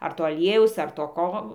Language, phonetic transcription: Lithuanian, ar ˈto aˈliejaus ar to ˈko

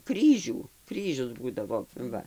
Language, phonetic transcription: Lithuanian, ˈkryžių ˈkryžius ˈbūdavo ˈva

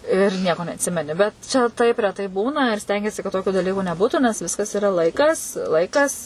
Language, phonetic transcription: Lithuanian, ir ˈnieko neatˈsimeni bet ˈčia taip reˈtai ˈbūna ir ˈstengiesi kad ˈtokiu daˈlyku neˈbūtu nes ˈviskas iˈra ˈlaikas ˈlaikas

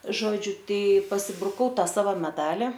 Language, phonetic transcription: Lithuanian, ˈžodžiu ˈtai pasibruˈkau ˈta ˈsavo meˈdali

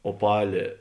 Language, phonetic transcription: Lithuanian, oˈpalė

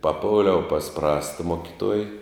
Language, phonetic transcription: Lithuanian, paˈpoliau pas ˈprasta ˈmokiˌtuoj

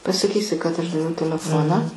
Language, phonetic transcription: Lithuanian, pasaˈkysi kad ˈaš daˈviau teleˈfoną

